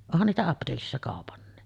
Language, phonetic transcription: Finnish, 'onhan niitä apteekissa 'kàopanni .
- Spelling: onhan niitä apteekissa kaupankin

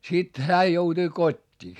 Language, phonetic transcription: Finnish, sit , hää joutui kot́t́ii .
- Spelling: sitten hän joutui kotiin

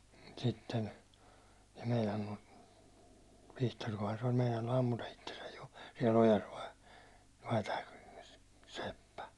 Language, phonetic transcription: Finnish, sitten , sᴇ 'meinannu , 'Vihtorkohan se oĺ meinainu 'ammuta 'ittesäj jo , siɛl ‿ojas vai , vai tääkö , 'seppä .
- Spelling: sitten se meinannut Vihtorikaan se oli meinannut ampua itsensä jo siellä ojassa vai vai tämäkö seppä

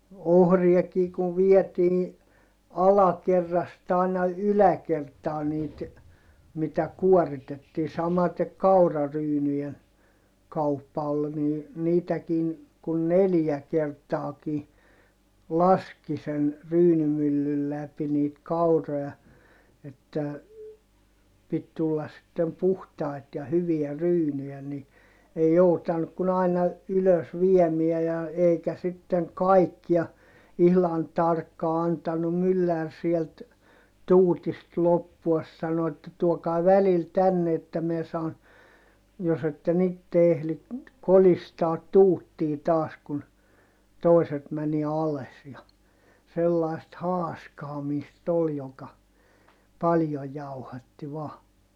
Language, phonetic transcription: Finnish, ohriakii kuv viɛtii , alakerrast ‿àina yläkertaa niit , mitä kuoritettii - samatek kauraryynyjen , kauppa ol ni , niitäkiin , kun neljä kertaaki , laski sen , ryynymyllyl läpi niit kauroʲa , että , pit tullas sittem puhtai̮t ja hyviä ryynyjä ni , ei joutannuk kun ‿aina , ylös viemiä ja , eikä sitteŋ kaikkia , ihlan tarkkaa antanum myllär sielt , tuutist loppuas sano että » tuokai̮ välil tänne että miɛ saan , jos ‿etten ‿itte ehli , kolistaat tuuttii taas kun , tòiset mäni ales ja , sellai̮st haaskaamiist ‿ol joka , paljoj jauhatti vaa .
- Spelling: ohriakin kun vietiin alakerrasta aina yläkertaan niitä mitä kuoritettiin samaten kauraryynien kauppa oli niin niitäkin kun neljä kertaakin laski sen ryynimyllyn läpi niitä kauroja että piti tulla sitten puhtaita ja hyviä ryynejä niin ei joutanut kuin aina ylös viemään ja eikä sitten kaikkia ihan tarkkaan antanut mylläri sieltä tuutista loppua sanoi että tuokaa välillä tänne että minä saan jos että en itse ehdi kolistaa tuuttia taas kun toiset meni alas ja sellaista haaskaamista oli joka paljon jauhatti vain

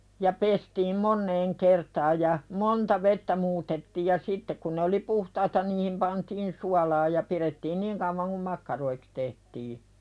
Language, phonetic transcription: Finnish, ja 'pestiim "monneeŋ kertaaj ja , "monta vettä 'muutettiij ja 'sitte kun ne oli "puhtaita niihim pantiin 'sualaa ja pirettiin niŋ kauvaŋ kum 'makkaroiks tehtii .
- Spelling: ja pestiin moneen kertaan ja monta vettä muutettiin ja sitten kun ne oli puhtaita niihin pantiin suolaa ja pidettiin niin kauan kuin makkaroiksi tehtiin

